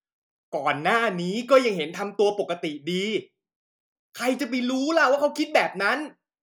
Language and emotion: Thai, angry